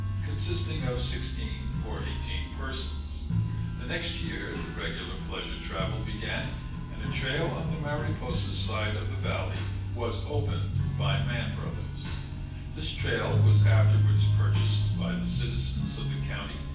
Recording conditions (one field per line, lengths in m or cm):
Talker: one person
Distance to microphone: 9.8 m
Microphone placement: far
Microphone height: 1.8 m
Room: large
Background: music